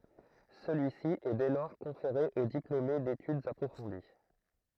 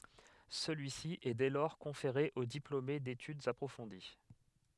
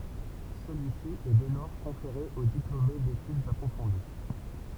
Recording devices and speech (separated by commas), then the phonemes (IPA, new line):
throat microphone, headset microphone, temple vibration pickup, read sentence
səlyisi ɛ dɛ lɔʁ kɔ̃feʁe o diplome detydz apʁofɔ̃di